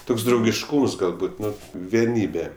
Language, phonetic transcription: Lithuanian, ˈtoks draugišˈkūms galˈbut ˈnu vieˈnybe

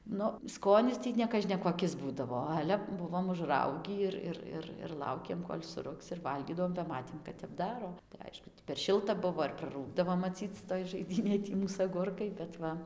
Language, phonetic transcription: Lithuanian, ˈnu ˈskonis ˈtį nekažnekoˈkis ˈbūdavo ˈale ˈbuvom užˈraugį ir ˈir ˈir ir ˈlaukėm kol' suˈrugs ir ˈvalgydavom ba ˈmatėm kad tep ˈdaro tai ˈaišku ti per ˈšilta ˈbuvo ir praˈrūgdavo maˈcyc toj žaiˈdynėj ˈtį ˈmūs aˈgurkai bet ˈva

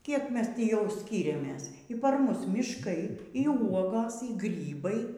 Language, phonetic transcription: Lithuanian, ˈkiek ˈmes ˈtį jau ˈskyriamės y ˈpar ˈmus mišˈkai y ˈuogos y ˈgrybai

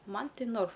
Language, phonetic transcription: Lithuanian, ˈman ˈti norf

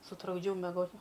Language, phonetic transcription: Lithuanian, sutrukˈdžiau meˈgot

